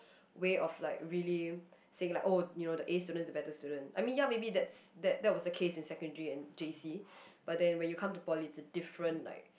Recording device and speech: boundary microphone, conversation in the same room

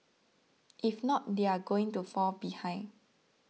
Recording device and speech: mobile phone (iPhone 6), read sentence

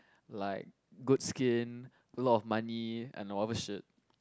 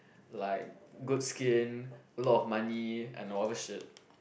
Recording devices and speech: close-talking microphone, boundary microphone, conversation in the same room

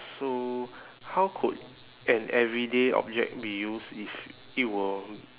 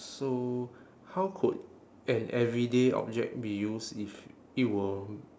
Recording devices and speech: telephone, standing microphone, conversation in separate rooms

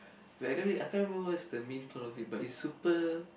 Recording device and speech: boundary microphone, conversation in the same room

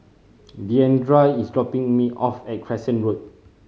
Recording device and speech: mobile phone (Samsung C5010), read sentence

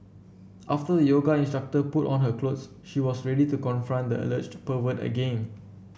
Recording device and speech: boundary microphone (BM630), read sentence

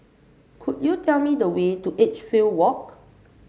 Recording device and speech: mobile phone (Samsung C5), read sentence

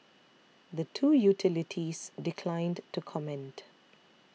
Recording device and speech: mobile phone (iPhone 6), read sentence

